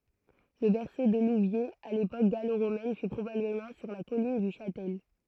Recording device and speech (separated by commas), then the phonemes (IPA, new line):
throat microphone, read sentence
lə bɛʁso də luvjez a lepok ɡaloʁomɛn fy pʁobabləmɑ̃ syʁ la kɔlin dy ʃatɛl